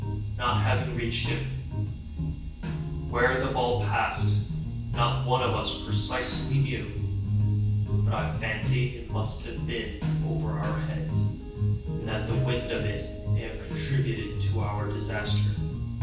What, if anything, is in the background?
Music.